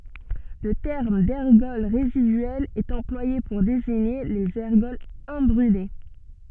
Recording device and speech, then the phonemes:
soft in-ear microphone, read sentence
lə tɛʁm dɛʁɡɔl ʁezidyɛlz ɛt ɑ̃plwaje puʁ deziɲe lez ɛʁɡɔlz ɛ̃bʁyle

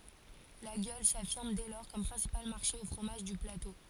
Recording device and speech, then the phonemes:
forehead accelerometer, read sentence
laɡjɔl safiʁm dɛ lɔʁ kɔm pʁɛ̃sipal maʁʃe o fʁomaʒ dy plato

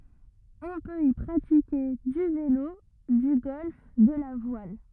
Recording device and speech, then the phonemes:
rigid in-ear microphone, read sentence
ɔ̃ pøt i pʁatike dy velo dy ɡɔlf də la vwal

